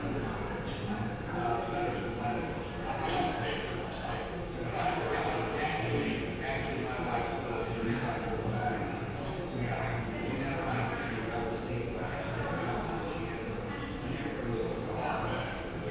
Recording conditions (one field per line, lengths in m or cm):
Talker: no one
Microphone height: 1.0 m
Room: very reverberant, large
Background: babble